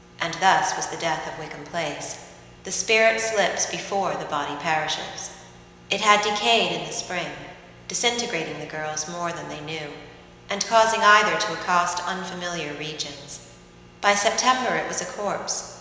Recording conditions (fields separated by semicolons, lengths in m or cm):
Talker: one person; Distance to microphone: 1.7 m; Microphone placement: close; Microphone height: 1.0 m; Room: very reverberant, large; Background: none